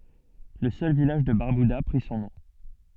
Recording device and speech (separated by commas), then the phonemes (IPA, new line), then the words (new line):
soft in-ear microphone, read sentence
lə sœl vilaʒ də baʁbyda pʁi sɔ̃ nɔ̃
Le seul village de Barbuda prit son nom.